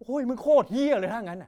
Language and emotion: Thai, angry